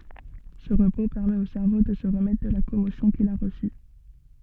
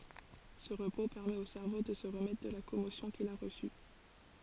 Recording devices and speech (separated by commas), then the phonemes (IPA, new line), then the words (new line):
soft in-ear microphone, forehead accelerometer, read sentence
sə ʁəpo pɛʁmɛt o sɛʁvo də sə ʁəmɛtʁ də la kɔmosjɔ̃ kil a ʁəsy
Ce repos permet au cerveau de se remettre de la commotion qu'il a reçue.